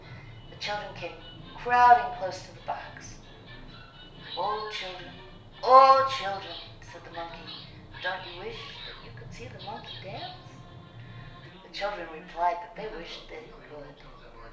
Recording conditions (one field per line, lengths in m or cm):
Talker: one person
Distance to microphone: 1.0 m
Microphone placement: close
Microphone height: 1.1 m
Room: small (3.7 m by 2.7 m)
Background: television